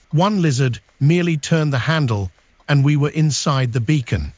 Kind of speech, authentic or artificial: artificial